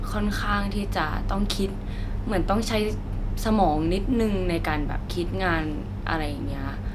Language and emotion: Thai, frustrated